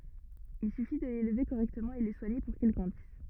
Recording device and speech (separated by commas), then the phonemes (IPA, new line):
rigid in-ear microphone, read sentence
il syfi də lelve koʁɛktəmɑ̃ e lə swaɲe puʁ kil ɡʁɑ̃dis